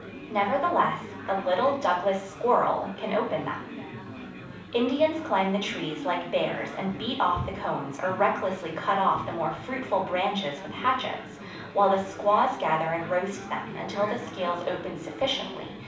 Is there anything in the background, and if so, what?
Crowd babble.